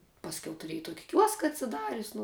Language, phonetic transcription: Lithuanian, pasˈkiau tuˈrieji ˈtuoki ˈkiuoska atsiˈdarius' nu

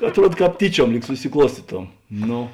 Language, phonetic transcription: Lithuanian, atˈruod ˈkāp ˈtyˌčiuom ˈlyg susiˈkluostytom ˈno

